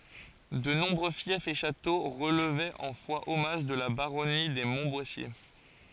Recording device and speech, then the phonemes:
forehead accelerometer, read sentence
də nɔ̃bʁø fjɛfz e ʃato ʁəlvɛt ɑ̃ fwaɔmaʒ də la baʁɔni de mɔ̃tbwasje

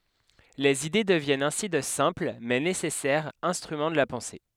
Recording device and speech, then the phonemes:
headset microphone, read sentence
lez ide dəvjɛnt ɛ̃si də sɛ̃pl mɛ nesɛsɛʁz ɛ̃stʁymɑ̃ də la pɑ̃se

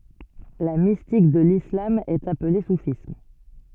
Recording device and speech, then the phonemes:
soft in-ear microphone, read sentence
la mistik də lislam ɛt aple sufism

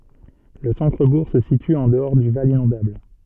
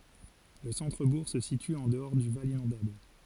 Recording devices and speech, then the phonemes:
soft in-ear microphone, forehead accelerometer, read sentence
lə sɑ̃tʁəbuʁ sə sity ɑ̃ dəɔʁ dy val inɔ̃dabl

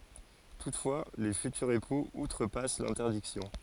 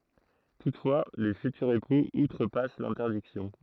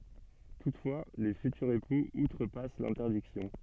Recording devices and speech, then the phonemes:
forehead accelerometer, throat microphone, soft in-ear microphone, read sentence
tutfwa le fytyʁz epuz utʁəpas lɛ̃tɛʁdiksjɔ̃

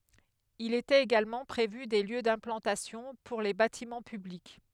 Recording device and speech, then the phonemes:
headset microphone, read sentence
il etɛt eɡalmɑ̃ pʁevy de ljø dɛ̃plɑ̃tasjɔ̃ puʁ le batimɑ̃ pyblik

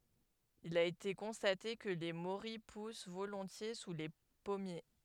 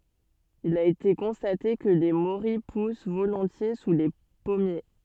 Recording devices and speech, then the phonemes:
headset microphone, soft in-ear microphone, read sentence
il a ete kɔ̃state kə le moʁij pus volɔ̃tje su le pɔmje

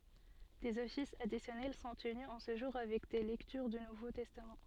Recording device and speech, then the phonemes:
soft in-ear microphone, read sentence
dez ɔfisz adisjɔnɛl sɔ̃ təny ɑ̃ sə ʒuʁ avɛk de lɛktyʁ dy nuvo tɛstam

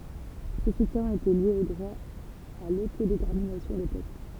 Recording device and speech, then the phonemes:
temple vibration pickup, read sentence
sə sutjɛ̃ etɛ lje o dʁwa a lotodetɛʁminasjɔ̃ de pøpl

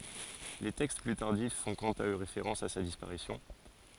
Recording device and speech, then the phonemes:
forehead accelerometer, read sentence
le tɛkst ply taʁdif fɔ̃ kɑ̃t a ø ʁefeʁɑ̃s a sa dispaʁisjɔ̃

